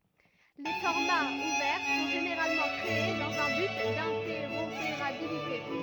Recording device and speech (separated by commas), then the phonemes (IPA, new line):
rigid in-ear microphone, read sentence
le fɔʁmaz uvɛʁ sɔ̃ ʒeneʁalmɑ̃ kʁee dɑ̃z œ̃ byt dɛ̃tɛʁopeʁabilite